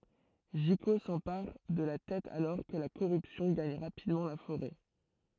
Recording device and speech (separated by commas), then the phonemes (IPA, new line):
throat microphone, read sentence
ʒiko sɑ̃paʁ də la tɛt alɔʁ kə la koʁypsjɔ̃ ɡaɲ ʁapidmɑ̃ la foʁɛ